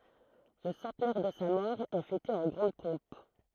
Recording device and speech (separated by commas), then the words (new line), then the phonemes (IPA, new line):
throat microphone, read sentence
Le centenaire de sa mort est fêté en grande pompe.
lə sɑ̃tnɛʁ də sa mɔʁ ɛ fɛte ɑ̃ ɡʁɑ̃d pɔ̃p